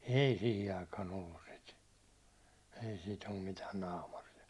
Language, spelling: Finnish, ei siihen aikaan ollut sitä ei sitä ole mitään naamaria
- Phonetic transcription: 'ei 'sihi aikaan 'ollus sit , ei sit om mitään 'naamar₍ia .

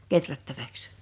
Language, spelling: Finnish, kehrättäväksi
- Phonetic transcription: 'keträttäväks .

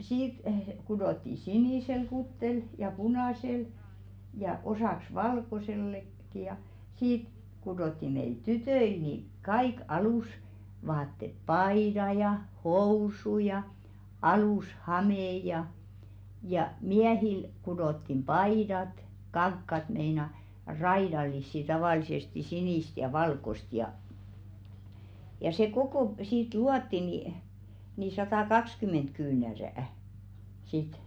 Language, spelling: Finnish, siitä kudottiin sinisellä kuteella ja punaisella ja osaksi - valkoisellakin ja siitä kudottiin meille tytöille niin kaikki alusvaatteet paidat ja housut ja alushame ja ja miehille kudottiin paidat kankaat meinaan raidallisia tavallisesti sinistä ja valkoista ja ja se koko siitä luotiin niin niin satakaksikymmentä kyynärää sitten
- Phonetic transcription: 'siit , kudotti "sinìsel 'kuttel , ja "punàsel , ja 'osàks "valkosellek , -ki ja , "siit kudòtti meil 'tytöil ni , 'kaik "alùsvaattet 'paida ja 'housu ja , 'alùs"hamè ja , ja "miähil kudottim "paidat , 'kaŋkkat meina "raidal̆lissi tavàlisesti 'sinìst ja 'valkost ja , ja se 'kokò , siit "luatti ni , ni 'satakakskyment "kyynärä̀₍ᵃ̈ , sit .

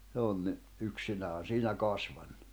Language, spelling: Finnish, se on niin yksinään siinä kasvanut
- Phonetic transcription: se on ni , 'yksinään̬ "siinä "kasvanɴᴜ .

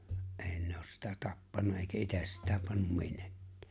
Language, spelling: Finnish, ei ne ole sitä tappanut eikä itse sitä pannut minnekään
- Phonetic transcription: '’eeⁱ ne oos sitᴀ̈ 'tappanna èikä 'ites sitä pannum 'minnᴇkkᴀ̈ᴀ̈ .

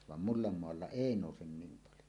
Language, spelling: Finnish, vaan multamaalla ei nouse niin paljon
- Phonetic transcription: vam "mullammoalla "èi 'nòusen 'niim paljo .

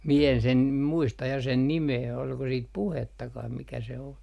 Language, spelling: Finnish, minä en sen muista ja sen nimeä oliko sitten puhettakaan mikä se on
- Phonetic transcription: mie en sen , 'muista ja sen "nimee olko siit "puhettakah mikä se o .

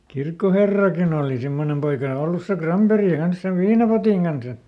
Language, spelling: Finnish, kirkkoherrakin oli semmoinen poika ollut se Granberg kanssa sen viinapotin kanssa
- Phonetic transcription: "kirkkoherrakin ‿ooli ˈsimmonem poika ˈollus se "Kramperi ˈkans sev "viinapotiŋ kansa .

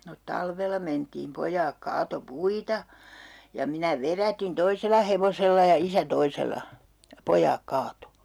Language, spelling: Finnish, no talvella mentiin pojat kaatoi puita ja minä vedätin toisella hevosella ja isä toisella ja pojat kaatoi
- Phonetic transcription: no 'talvel̆la mentiim 'pojaak 'kaato "puita , ja minä 'verätin 'toisel̀a hevosella ja 'isä "toisela , ja 'poj̀aak kaato .

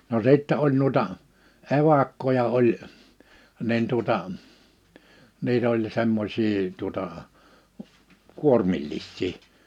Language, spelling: Finnish, no sitten oli noita evakkoja oli niin tuota niitä oli semmoisia tuota kuormillisia
- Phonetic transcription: no 'sìttɛ oĺ nuⁱta , evakkoja oĺ , 'nin tuᵒta , 'niit ‿oĺ 'semmosii tuᵒtà , 'kuormillis̆sii .

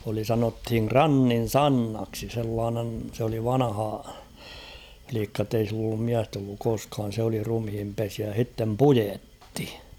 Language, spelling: Finnish, oli sanottiin Krannin Sannaksi sellainen se oli vanhalikka että ei sillä ollut miestä ollut koskaan se oli ruumiinpesijä ja sitten puetti
- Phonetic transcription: oli 'sanothiŋ "Krannin̬ "Sannaksi sellaanen̳ s ‿oli 'vanᵃha-,-flikka ‿ttei sill ‿ollum 'miäst ‿olluk 'koskaan̬ sᵉ ‿oli 'rumhimpesiä ja h̬ittem "pujetti .

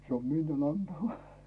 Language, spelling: Finnish, se on miniän antama
- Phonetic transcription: se om 'minjän ‿'antama .

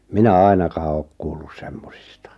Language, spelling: Finnish, minä ainakaan ole kuullut semmoisista
- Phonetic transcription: 'minä "ainakaa ook kuullus 'semmosista .

